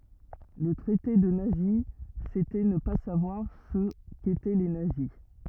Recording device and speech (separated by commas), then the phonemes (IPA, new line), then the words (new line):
rigid in-ear microphone, read sentence
lə tʁɛte də nazi setɛ nə pa savwaʁ sə ketɛ le nazi
Le traiter de nazi, c'était ne pas savoir ce qu'étaient les nazis.